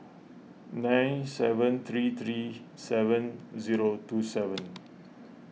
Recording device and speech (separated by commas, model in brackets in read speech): mobile phone (iPhone 6), read sentence